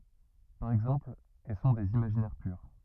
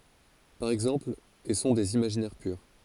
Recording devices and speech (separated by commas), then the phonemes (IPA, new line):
rigid in-ear microphone, forehead accelerometer, read sentence
paʁ ɛɡzɑ̃pl e sɔ̃ dez imaʒinɛʁ pyʁ